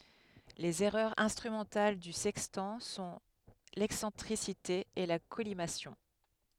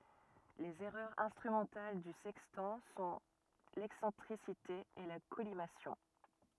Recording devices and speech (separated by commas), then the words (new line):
headset microphone, rigid in-ear microphone, read sentence
Les erreurs instrumentales du sextant sont l’excentricité et la collimation.